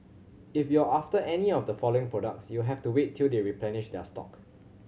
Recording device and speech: mobile phone (Samsung C7100), read sentence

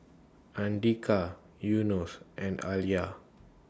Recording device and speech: standing microphone (AKG C214), read sentence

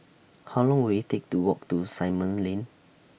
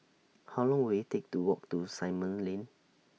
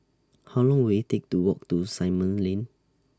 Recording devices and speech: boundary microphone (BM630), mobile phone (iPhone 6), standing microphone (AKG C214), read sentence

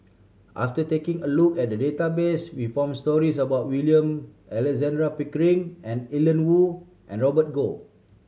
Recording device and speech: mobile phone (Samsung C7100), read sentence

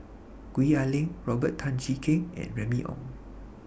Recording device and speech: boundary microphone (BM630), read sentence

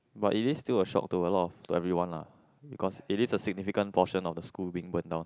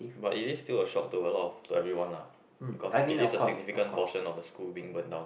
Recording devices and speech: close-talking microphone, boundary microphone, conversation in the same room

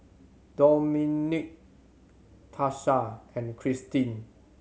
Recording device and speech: mobile phone (Samsung C7100), read sentence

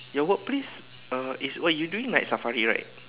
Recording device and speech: telephone, conversation in separate rooms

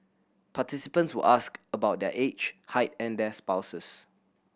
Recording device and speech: boundary microphone (BM630), read sentence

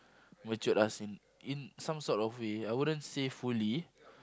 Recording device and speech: close-talking microphone, conversation in the same room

